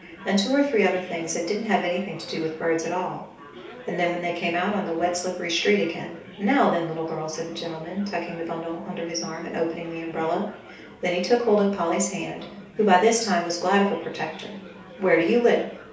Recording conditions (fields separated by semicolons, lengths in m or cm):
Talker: one person; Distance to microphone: 3.0 m; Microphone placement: far; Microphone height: 1.8 m; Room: small (3.7 m by 2.7 m); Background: babble